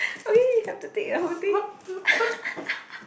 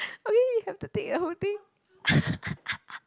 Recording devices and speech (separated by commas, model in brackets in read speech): boundary microphone, close-talking microphone, conversation in the same room